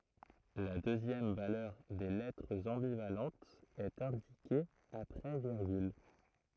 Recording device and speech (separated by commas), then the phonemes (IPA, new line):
throat microphone, read sentence
la døzjɛm valœʁ de lɛtʁz ɑ̃bivalɑ̃tz ɛt ɛ̃dike apʁɛ viʁɡyl